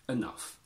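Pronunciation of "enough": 'enough' is said the American way, with a schwa rather than an i sound.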